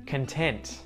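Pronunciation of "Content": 'Content' is said with the final T sounded, not muted.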